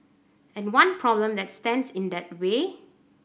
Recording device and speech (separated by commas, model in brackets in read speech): boundary microphone (BM630), read sentence